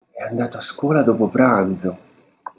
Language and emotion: Italian, surprised